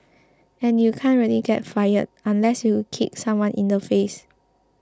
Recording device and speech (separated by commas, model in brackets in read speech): close-talking microphone (WH20), read sentence